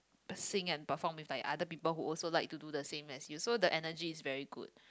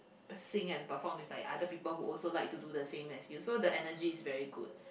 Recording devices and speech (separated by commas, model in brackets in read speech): close-talking microphone, boundary microphone, conversation in the same room